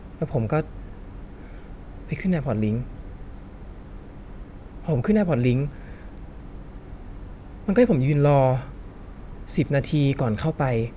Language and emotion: Thai, frustrated